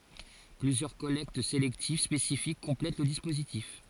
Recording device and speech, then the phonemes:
forehead accelerometer, read sentence
plyzjœʁ kɔlɛkt selɛktiv spesifik kɔ̃plɛt lə dispozitif

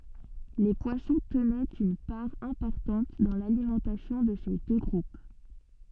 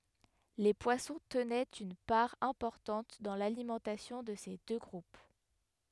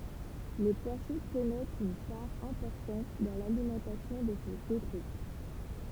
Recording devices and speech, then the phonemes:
soft in-ear microphone, headset microphone, temple vibration pickup, read sentence
le pwasɔ̃ tənɛt yn paʁ ɛ̃pɔʁtɑ̃t dɑ̃ lalimɑ̃tasjɔ̃ də se dø ɡʁup

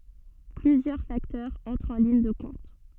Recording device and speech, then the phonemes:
soft in-ear microphone, read sentence
plyzjœʁ faktœʁz ɑ̃tʁt ɑ̃ liɲ də kɔ̃t

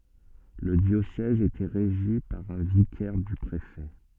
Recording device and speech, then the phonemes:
soft in-ear microphone, read sentence
lə djosɛz etɛ ʁeʒi paʁ œ̃ vikɛʁ dy pʁefɛ

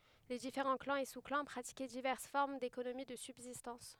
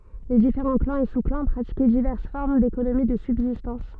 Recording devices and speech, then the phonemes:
headset microphone, soft in-ear microphone, read sentence
le difeʁɑ̃ klɑ̃z e su klɑ̃ pʁatikɛ divɛʁs fɔʁm dekonomi də sybzistɑ̃s

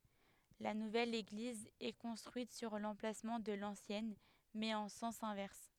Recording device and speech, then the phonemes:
headset microphone, read sentence
la nuvɛl eɡliz ɛ kɔ̃stʁyit syʁ lɑ̃plasmɑ̃ də lɑ̃sjɛn mɛz ɑ̃ sɑ̃s ɛ̃vɛʁs

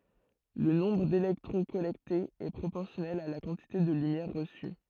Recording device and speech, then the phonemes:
throat microphone, read sentence
lə nɔ̃bʁ delɛktʁɔ̃ kɔlɛktez ɛ pʁopɔʁsjɔnɛl a la kɑ̃tite də lymjɛʁ ʁəsy

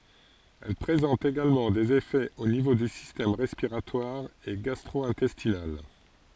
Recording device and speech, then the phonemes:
forehead accelerometer, read sentence
ɛl pʁezɑ̃t eɡalmɑ̃ dez efɛz o nivo dy sistɛm ʁɛspiʁatwaʁ e ɡastʁo ɛ̃tɛstinal

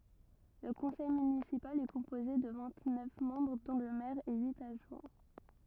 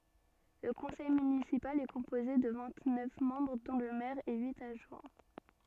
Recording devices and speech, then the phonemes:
rigid in-ear microphone, soft in-ear microphone, read sentence
lə kɔ̃sɛj mynisipal ɛ kɔ̃poze də vɛ̃t nœf mɑ̃bʁ dɔ̃ lə mɛʁ e yit adʒwɛ̃

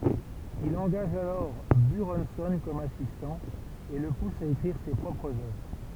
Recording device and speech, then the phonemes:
temple vibration pickup, read sentence
il ɑ̃ɡaʒ alɔʁ byʁɔ̃sɔ̃ kɔm asistɑ̃ e lə pus a ekʁiʁ se pʁɔpʁz œvʁ

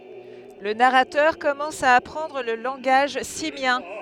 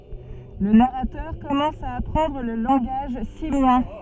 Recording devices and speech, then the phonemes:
headset microphone, soft in-ear microphone, read sentence
lə naʁatœʁ kɔmɑ̃s a apʁɑ̃dʁ lə lɑ̃ɡaʒ simjɛ̃

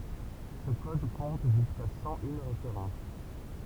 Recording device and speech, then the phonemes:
temple vibration pickup, read sentence
sə kɔd kɔ̃t ʒyska sɑ̃ yn ʁefeʁɑ̃s

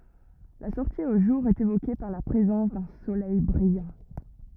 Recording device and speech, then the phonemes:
rigid in-ear microphone, read sentence
la sɔʁti o ʒuʁ ɛt evoke paʁ la pʁezɑ̃s dœ̃ solɛj bʁijɑ̃

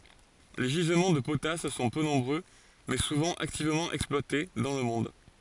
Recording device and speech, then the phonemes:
forehead accelerometer, read sentence
le ʒizmɑ̃ də potas sɔ̃ pø nɔ̃bʁø mɛ suvɑ̃ aktivmɑ̃ ɛksplwate dɑ̃ lə mɔ̃d

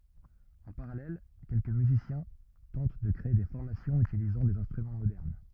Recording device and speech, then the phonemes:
rigid in-ear microphone, read sentence
ɑ̃ paʁalɛl kɛlkə myzisjɛ̃ tɑ̃t də kʁee de fɔʁmasjɔ̃z ytilizɑ̃ dez ɛ̃stʁymɑ̃ modɛʁn

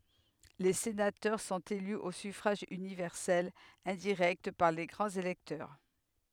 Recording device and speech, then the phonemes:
headset microphone, read sentence
le senatœʁ sɔ̃t ely o syfʁaʒ ynivɛʁsɛl ɛ̃diʁɛkt paʁ le ɡʁɑ̃z elɛktœʁ

